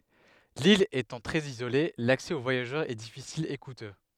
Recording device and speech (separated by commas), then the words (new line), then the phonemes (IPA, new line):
headset microphone, read sentence
L'ile étant très isolée, l'accès aux voyageurs est difficile, et coûteux.
lil etɑ̃ tʁɛz izole laksɛ o vwajaʒœʁz ɛ difisil e kutø